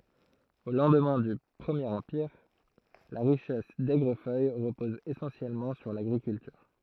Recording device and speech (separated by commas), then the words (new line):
throat microphone, read sentence
Au lendemain du Premier Empire, la richesse d’Aigrefeuille repose essentiellement sur l'agriculture.